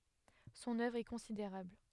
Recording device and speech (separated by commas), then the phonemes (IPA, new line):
headset microphone, read sentence
sɔ̃n œvʁ ɛ kɔ̃sideʁabl